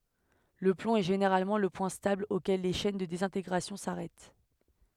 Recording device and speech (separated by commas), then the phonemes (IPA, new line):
headset microphone, read sentence
lə plɔ̃ ɛ ʒeneʁalmɑ̃ lə pwɛ̃ stabl okɛl le ʃɛn də dezɛ̃teɡʁasjɔ̃ saʁɛt